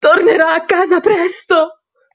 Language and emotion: Italian, fearful